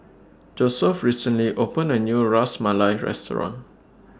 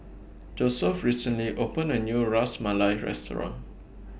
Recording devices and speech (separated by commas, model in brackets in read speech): standing microphone (AKG C214), boundary microphone (BM630), read sentence